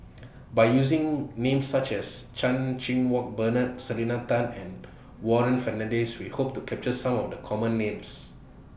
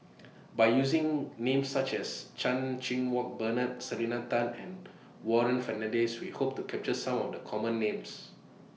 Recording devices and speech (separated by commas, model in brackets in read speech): boundary microphone (BM630), mobile phone (iPhone 6), read sentence